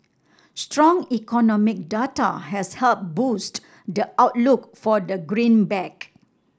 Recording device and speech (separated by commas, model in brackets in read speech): standing microphone (AKG C214), read sentence